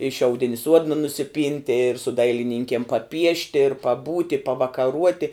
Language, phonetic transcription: Lithuanian, i šiauˈdini ˈsuodna nusiˈpynti ir su ˈdailininkiem paˈpiešti ir paˈbūti pavakaˈruoti

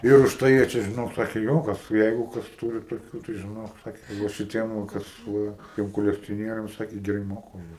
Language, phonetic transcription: Lithuanian, ir užˈtai jie ˈčia žiˈnok ˈsakė ˈjo ˈkas ˈjeigu ˈkas ˈturi toˈkių tai žiˈnok ˈsake ka ˈva šiˈtiem va ˈkas ˈsūrenka ˈtiem kolekcioˈnieriam ˈsaki geˈrai ˈmoka už ˈjuos

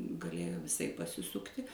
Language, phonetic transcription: Lithuanian, gaˈlėjo viˈsaip pasiˈsukti

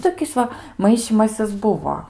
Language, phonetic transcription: Lithuanian, ˈtokis ˈva ˈmaišymasis ˈbuvo

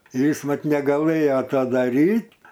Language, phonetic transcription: Lithuanian, ir ˈjis ˈvat negaˈlɘjo ta daˈryt'

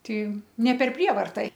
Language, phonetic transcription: Lithuanian, ˈti ne per ˈprievarta

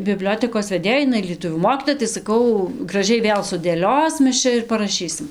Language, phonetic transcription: Lithuanian, biˈbliotekos veˈdėjai iˈnai lieˈtuvių ˈmokytoja tai saˈkau graˈžiai ˈvėl sudėˈlios ˈmes ˈčia ir paraˈšysim

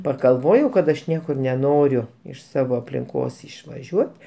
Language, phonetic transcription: Lithuanian, pagalˈvojau kad aš ˈniekur neˈnoriu iš ˈsavo aplinˈkos išvaˈžiuot

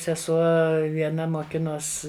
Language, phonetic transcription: Lithuanian, seˈsuo vieˈna moˈkinos

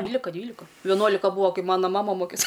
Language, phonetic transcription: Lithuanian, ˈdvylika ˈdvylika veˈnuolika ˈbūa ˈkai ˈmana ˈmama ˈmokės

